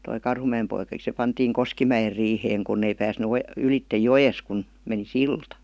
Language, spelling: Finnish, tuo Karhumäen poika se pantiin Koskimäen riiheen kun ei päässyt - ylitse joesta kun meni silta
- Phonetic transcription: toi "Karhumä₍em poikaᵏi se 'pantiiŋ "Koskimäjer riiheeŋ 'kunn ‿ei pääsny o- 'ylittej "jojes kun , meni "silta .

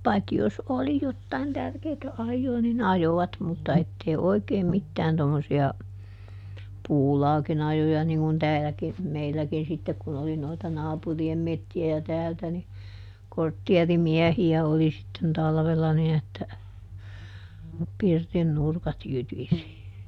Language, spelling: Finnish, paitsi jos oli jotakin tärkeätä ajoa niin ajoivat mutta että ei oikein mitään tuommoisia puulaakin ajoja niin kuin täälläkin meilläkin sitten kun oli noita naapurien metsiä ja täältä niin kortteerimiehiä oli sitten talvella niin että pirtin nurkat jytisi
- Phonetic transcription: ˈpaikki jos ˈoli jottain ˈtärkeetä ˈajjoo ni"n ‿ajovat mutta ˈettei "oi̮keim "mittään tommosi₍a , "puulaakin ‿ajoja niŋ kun ˈtääläki , ˈmeilläkin sittek kun oli noita "naapuri₍em ˈmetti₍ä ja "täältä ni , ˈkorttiɛriˈmiɛhi₍ä oli sitten ˈtalvella nin ‿että , ˈpirtin ˈnurkat ˈjytisi .

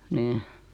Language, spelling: Finnish, niin
- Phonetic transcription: 'niih .

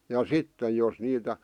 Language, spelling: Finnish, ja sitten jos niitä
- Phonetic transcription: ja "sitte jos niitä ,.

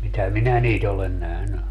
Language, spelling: Finnish, mitä minä niitä olen nähnyt
- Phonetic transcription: 'mitä "minä 'niit ‿olen 'nähny .

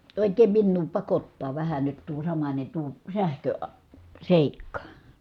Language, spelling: Finnish, oikein minua pakottaa vähän nyt tuo samainen tuo - sähköseikka
- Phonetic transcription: òik̆keem minnuu pakottaa vähä nyt tuo samańe tuo , sähkö₍a- , -sèikka .

